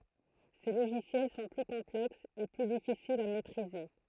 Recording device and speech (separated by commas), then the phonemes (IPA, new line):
throat microphone, read sentence
se loʒisjɛl sɔ̃ ply kɔ̃plɛksz e ply difisilz a mɛtʁize